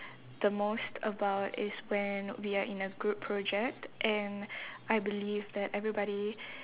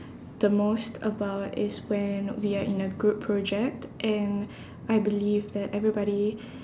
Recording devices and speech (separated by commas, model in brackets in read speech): telephone, standing microphone, conversation in separate rooms